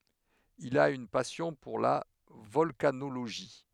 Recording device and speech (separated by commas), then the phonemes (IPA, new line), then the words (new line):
headset microphone, read sentence
il a yn pasjɔ̃ puʁ la vɔlkanoloʒi
Il a une passion pour la volcanologie.